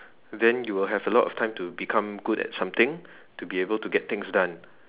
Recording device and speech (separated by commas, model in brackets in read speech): telephone, conversation in separate rooms